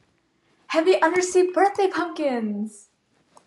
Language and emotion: English, happy